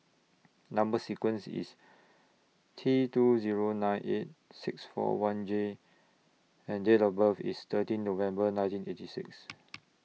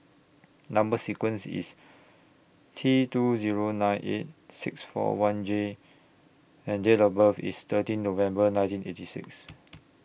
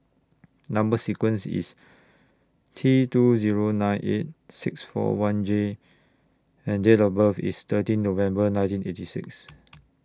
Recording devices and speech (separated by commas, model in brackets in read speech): mobile phone (iPhone 6), boundary microphone (BM630), standing microphone (AKG C214), read sentence